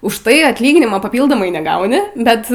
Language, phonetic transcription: Lithuanian, už ˈtai atˈlyginimo paˈpyldomai neˈgauni ˈbet

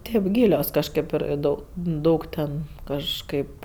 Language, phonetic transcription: Lithuanian, ˈtėp ˈgylios kažˈkėp ir ˈdau ˈdaug ten kažˈkaip

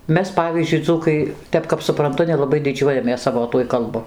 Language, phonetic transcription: Lithuanian, ˈmes ˈpavyzdžiui ˈdzūkai ˈtep kap suˈprantu nelaˈbai diˈdžiuojamės ˈsavo ˈtuoj kalˈbu

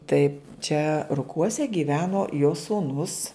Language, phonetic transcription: Lithuanian, ˈtai čia ruˈkuose gyˈveno jo sūˈnus

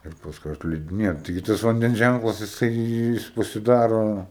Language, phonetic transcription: Lithuanian, ir pasˈkui atliediˈnėja taiˈgi ˈtas vanˈdens ˈžænklas jiˈsai ˈjis pasiˈdaro

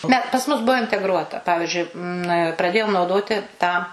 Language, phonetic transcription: Lithuanian, ˈne pas ˈmus ˈbuo integˈruota ˈpavižiui na praˈdėjom nauˈdoti tą

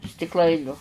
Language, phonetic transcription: Lithuanian, stikˈlainiu

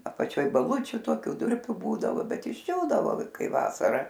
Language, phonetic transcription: Lithuanian, apaˈčioj baˈlučiu ˈtokiu ˈdurpiu ˈbūdavo ˈbet išˈdžiūdavo ˈkai ˈvasara

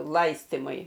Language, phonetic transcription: Lithuanian, ˈlaistimui

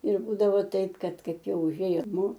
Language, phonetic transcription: Lithuanian, ir ˈbūdavo ˈtaip ˈkad ˈkaip ˈjau uˈžėjo ˈnu

